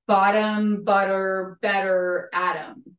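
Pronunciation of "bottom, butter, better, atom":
In 'bottom', 'butter', 'better' and 'atom', the t in the middle changes to a softer d sound. It is a little shorter than a full d, with less of a pop.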